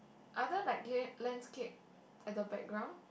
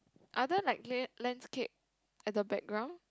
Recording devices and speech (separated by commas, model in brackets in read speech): boundary microphone, close-talking microphone, conversation in the same room